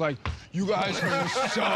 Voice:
deep voice